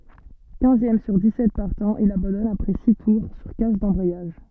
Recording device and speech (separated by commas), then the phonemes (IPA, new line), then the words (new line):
soft in-ear microphone, read sentence
kɛ̃zjɛm syʁ dikssɛt paʁtɑ̃z il abɑ̃dɔn apʁɛ si tuʁ syʁ kas dɑ̃bʁɛjaʒ
Quinzième sur dix-sept partants, il abandonne après six tours sur casse d'embrayage.